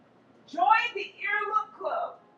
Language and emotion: English, surprised